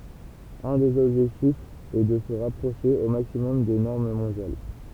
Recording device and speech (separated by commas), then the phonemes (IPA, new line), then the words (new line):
temple vibration pickup, read sentence
œ̃ dez ɔbʒɛktifz ɛ də sə ʁapʁoʃe o maksimɔm de nɔʁm mɔ̃djal
Un des objectifs est de se rapprocher au maximum des normes mondiales.